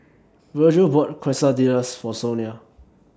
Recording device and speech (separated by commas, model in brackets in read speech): standing microphone (AKG C214), read sentence